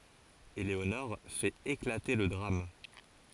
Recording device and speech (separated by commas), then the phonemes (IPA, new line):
forehead accelerometer, read sentence
eleonɔʁ fɛt eklate lə dʁam